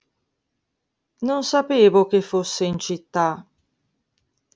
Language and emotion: Italian, sad